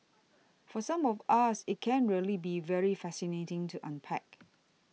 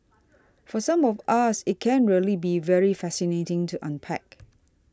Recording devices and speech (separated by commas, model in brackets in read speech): mobile phone (iPhone 6), standing microphone (AKG C214), read sentence